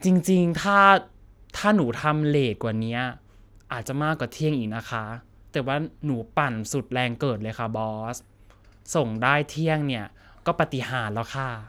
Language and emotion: Thai, sad